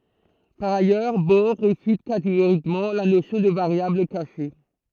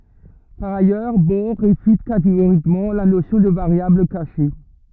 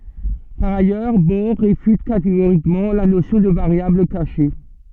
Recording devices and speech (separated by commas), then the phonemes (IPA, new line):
throat microphone, rigid in-ear microphone, soft in-ear microphone, read sentence
paʁ ajœʁ bɔʁ ʁefyt kateɡoʁikmɑ̃ la nosjɔ̃ də vaʁjabl kaʃe